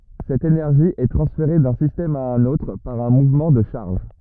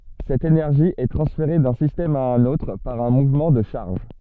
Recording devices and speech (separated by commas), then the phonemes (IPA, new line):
rigid in-ear microphone, soft in-ear microphone, read sentence
sɛt enɛʁʒi ɛ tʁɑ̃sfeʁe dœ̃ sistɛm a œ̃n otʁ paʁ œ̃ muvmɑ̃ də ʃaʁʒ